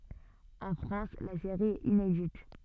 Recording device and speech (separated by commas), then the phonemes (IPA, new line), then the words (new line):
soft in-ear microphone, read sentence
ɑ̃ fʁɑ̃s la seʁi ɛt inedit
En France, la série est inédite.